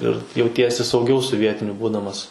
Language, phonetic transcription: Lithuanian, ir jauˈtiesi sauˈgiau su ˈvietiniu ˈbūdamas

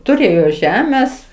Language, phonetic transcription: Lithuanian, tuˈrėjo ˈžemes

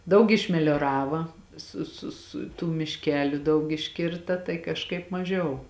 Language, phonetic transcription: Lithuanian, ˈdaug išmelioˈrava ˈsu su su tų mišˈkeliu ˈdaug išˈkirta tai kažˈkaip maˈžiau

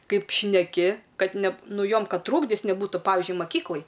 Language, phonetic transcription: Lithuanian, ˈkaip šneˈki ˈkad ne ˈnu ˈjom ˈkad ˈtrūkdis neˈbūtu ˈpavižiui maˈkyklaj

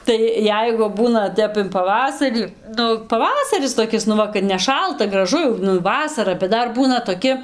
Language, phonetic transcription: Lithuanian, ˈtai ˈjeigu ˈbūna ˈtep in paˈvasarį ˈnu paˈvasaris toˈkis nu ˈva kad neˈšalta graˈžu jau nu ˈvasara bet ˈdar ˈbūna toˈki

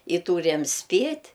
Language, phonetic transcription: Lithuanian, i ˈtūriam ˈspėt'

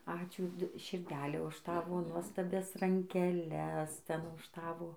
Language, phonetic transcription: Lithuanian, ˈačiū širˈdele už ˈtavo nuostaˈbias rankeˈles ˈten už ˈtavo

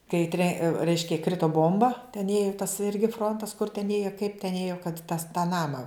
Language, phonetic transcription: Lithuanian, kai tre ˈreiškia ˈkrito ˈbomba ten ˈėju tas ˈirgi ˈfrontas kur ten ˈėjo kaip ten ˈėjo kad tas tą ˈnama

